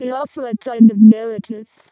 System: VC, vocoder